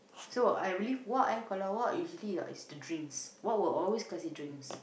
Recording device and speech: boundary microphone, conversation in the same room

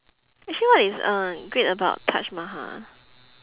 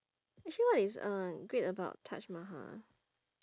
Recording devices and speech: telephone, standing microphone, conversation in separate rooms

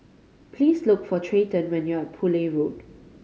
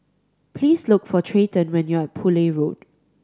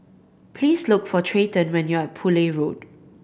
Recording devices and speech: mobile phone (Samsung C5010), standing microphone (AKG C214), boundary microphone (BM630), read sentence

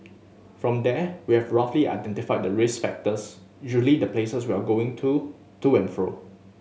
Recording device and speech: mobile phone (Samsung S8), read sentence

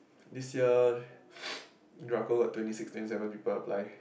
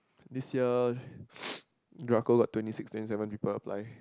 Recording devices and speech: boundary microphone, close-talking microphone, conversation in the same room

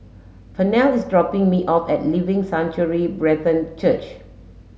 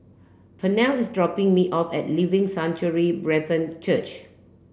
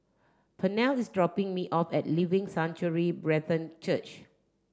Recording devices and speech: mobile phone (Samsung S8), boundary microphone (BM630), standing microphone (AKG C214), read sentence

